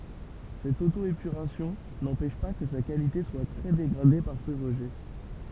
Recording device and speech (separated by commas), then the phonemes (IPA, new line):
temple vibration pickup, read sentence
sɛt oto epyʁasjɔ̃ nɑ̃pɛʃ pa kə sa kalite swa tʁɛ deɡʁade paʁ se ʁəʒɛ